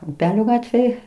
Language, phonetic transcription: Lithuanian, uˈpelio ˈgatvėj

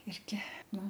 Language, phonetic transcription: Lithuanian, ˈirgi ˈnu

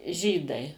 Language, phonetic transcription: Lithuanian, ˈžydai

